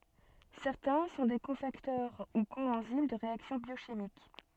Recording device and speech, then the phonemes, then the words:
soft in-ear microphone, read sentence
sɛʁtɛ̃ sɔ̃ de kofaktœʁ u koɑ̃zim də ʁeaksjɔ̃ bjoʃimik
Certains sont des cofacteurs ou coenzymes de réactions biochimiques.

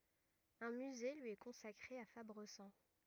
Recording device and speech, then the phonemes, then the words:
rigid in-ear microphone, read sentence
œ̃ myze lyi ɛ kɔ̃sakʁe a fabʁəzɑ̃
Un musée lui est consacré à Fabrezan.

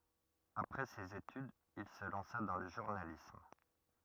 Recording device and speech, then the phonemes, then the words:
rigid in-ear microphone, read sentence
apʁɛ sez etydz il sə lɑ̃sa dɑ̃ lə ʒuʁnalism
Après ses études, il se lança dans le journalisme.

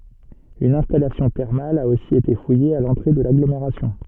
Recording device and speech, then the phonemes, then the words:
soft in-ear microphone, read sentence
yn ɛ̃stalasjɔ̃ tɛʁmal a osi ete fuje a lɑ̃tʁe də laɡlomeʁasjɔ̃
Une installation thermale a aussi été fouillée à l'entrée de l'agglomération.

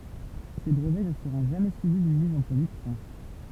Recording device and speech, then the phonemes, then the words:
temple vibration pickup, read sentence
se bʁəvɛ nə səʁɔ̃ ʒamɛ syivi dyn miz ɑ̃ pʁodyksjɔ̃
Ces brevets ne seront jamais suivis d'une mise en production.

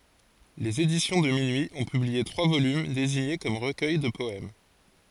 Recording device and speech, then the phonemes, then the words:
forehead accelerometer, read sentence
lez edisjɔ̃ də minyi ɔ̃ pyblie tʁwa volym deziɲe kɔm ʁəkœj də pɔɛm
Les Éditions de Minuit ont publié trois volumes désignés comme recueils de poèmes.

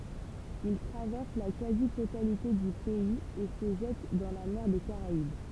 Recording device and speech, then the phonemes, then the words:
temple vibration pickup, read sentence
il tʁavɛʁs la kazi totalite dy pɛiz e sə ʒɛt dɑ̃ la mɛʁ de kaʁaib
Il traverse la quasi-totalité du pays et se jette dans la mer des Caraïbes.

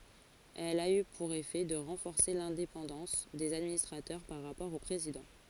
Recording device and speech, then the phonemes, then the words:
forehead accelerometer, read sentence
ɛl a y puʁ efɛ də ʁɑ̃fɔʁse lɛ̃depɑ̃dɑ̃s dez administʁatœʁ paʁ ʁapɔʁ o pʁezidɑ̃
Elle a eu pour effet de renforcer l'indépendance des administrateurs par rapport au président.

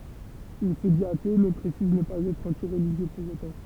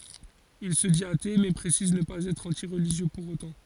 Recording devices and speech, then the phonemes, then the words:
temple vibration pickup, forehead accelerometer, read sentence
il sə dit ate mɛ pʁesiz nə paz ɛtʁ ɑ̃ti ʁəliʒjø puʁ otɑ̃
Il se dit athée mais précise ne pas être anti-religieux pour autant.

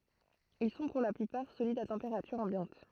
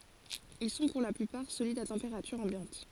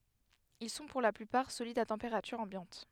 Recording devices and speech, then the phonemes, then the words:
throat microphone, forehead accelerometer, headset microphone, read sentence
il sɔ̃ puʁ la plypaʁ solidz a tɑ̃peʁatyʁ ɑ̃bjɑ̃t
Ils sont pour la plupart solides à température ambiante.

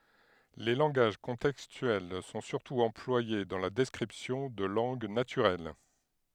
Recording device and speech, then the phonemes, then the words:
headset microphone, read sentence
le lɑ̃ɡaʒ kɔ̃tɛkstyɛl sɔ̃ syʁtu ɑ̃plwaje dɑ̃ la dɛskʁipsjɔ̃ də lɑ̃ɡ natyʁɛl
Les langages contextuels sont surtout employés dans la description de langues naturelles.

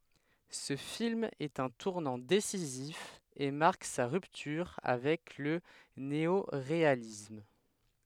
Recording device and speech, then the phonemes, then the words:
headset microphone, read sentence
sə film ɛt œ̃ tuʁnɑ̃ desizif e maʁk sa ʁyptyʁ avɛk lə neoʁealism
Ce film est un tournant décisif et marque sa rupture avec le néoréalisme.

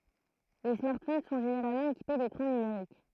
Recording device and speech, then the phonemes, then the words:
throat microphone, read sentence
le smaʁtfon sɔ̃ ʒeneʁalmɑ̃ ekipe dekʁɑ̃ nymeʁik
Les smartphones sont généralement équipés d'écrans numériques.

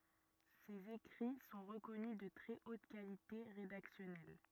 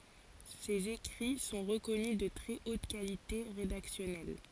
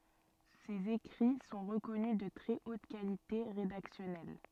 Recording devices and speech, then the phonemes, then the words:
rigid in-ear microphone, forehead accelerometer, soft in-ear microphone, read sentence
sez ekʁi sɔ̃ ʁəkɔny də tʁɛ ot kalite ʁedaksjɔnɛl
Ses écrits sont reconnus de très haute qualité rédactionnelle.

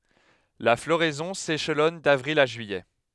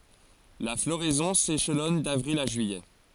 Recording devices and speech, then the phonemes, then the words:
headset microphone, forehead accelerometer, read sentence
la floʁɛzɔ̃ seʃlɔn davʁil a ʒyijɛ
La floraison s'échelonne d'avril à juillet.

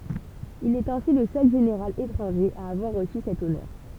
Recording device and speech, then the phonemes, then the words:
temple vibration pickup, read sentence
il ɛt ɛ̃si lə sœl ʒeneʁal etʁɑ̃ʒe a avwaʁ ʁəsy sɛt ɔnœʁ
Il est ainsi le seul général étranger à avoir reçu cet honneur.

